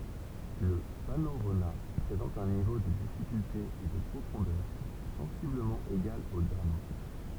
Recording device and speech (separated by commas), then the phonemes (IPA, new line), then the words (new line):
temple vibration pickup, read sentence
lə fanoʁona pʁezɑ̃t œ̃ nivo də difikylte e də pʁofɔ̃dœʁ sɑ̃sibləmɑ̃ eɡal o dam
Le fanorona présente un niveau de difficulté et de profondeur sensiblement égal aux dames.